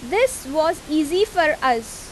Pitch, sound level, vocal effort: 310 Hz, 90 dB SPL, very loud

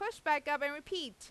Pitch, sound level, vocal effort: 300 Hz, 95 dB SPL, loud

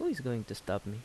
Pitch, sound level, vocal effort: 105 Hz, 78 dB SPL, soft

